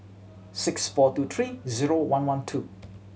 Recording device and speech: mobile phone (Samsung C7100), read sentence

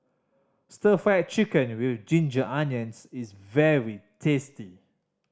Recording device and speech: standing microphone (AKG C214), read sentence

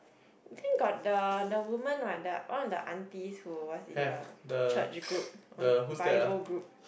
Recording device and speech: boundary microphone, conversation in the same room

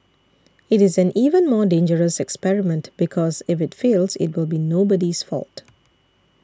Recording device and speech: standing microphone (AKG C214), read sentence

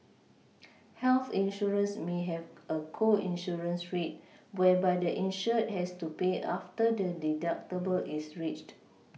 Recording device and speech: mobile phone (iPhone 6), read sentence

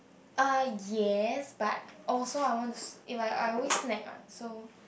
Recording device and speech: boundary microphone, conversation in the same room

